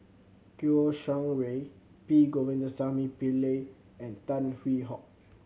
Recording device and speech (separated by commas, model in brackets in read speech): mobile phone (Samsung C7100), read sentence